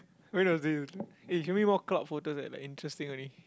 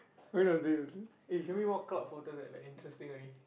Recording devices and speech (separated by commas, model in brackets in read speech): close-talking microphone, boundary microphone, conversation in the same room